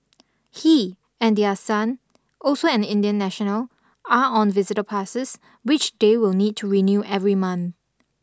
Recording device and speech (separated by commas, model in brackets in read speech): standing microphone (AKG C214), read sentence